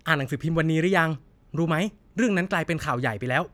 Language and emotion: Thai, happy